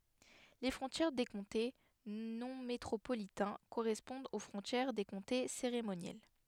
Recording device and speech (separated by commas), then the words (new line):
headset microphone, read sentence
Les frontières des comtés non métropolitains correspondent aux frontières des comtés cérémoniels.